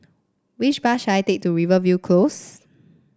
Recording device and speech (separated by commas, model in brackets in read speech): standing microphone (AKG C214), read sentence